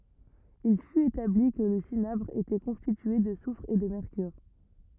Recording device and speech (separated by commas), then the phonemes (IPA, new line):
rigid in-ear microphone, read sentence
il fyt etabli kə lə sinabʁ etɛ kɔ̃stitye də sufʁ e də mɛʁkyʁ